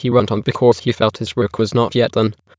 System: TTS, waveform concatenation